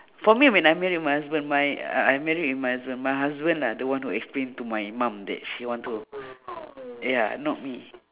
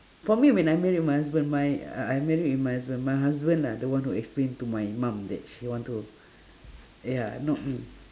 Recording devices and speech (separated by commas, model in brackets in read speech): telephone, standing microphone, conversation in separate rooms